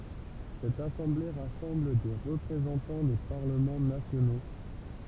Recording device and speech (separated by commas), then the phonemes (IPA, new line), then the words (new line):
temple vibration pickup, read sentence
sɛt asɑ̃ble ʁasɑ̃bl de ʁəpʁezɑ̃tɑ̃ de paʁləmɑ̃ nasjono
Cette assemblée rassemble des représentants des parlements nationaux.